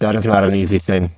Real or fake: fake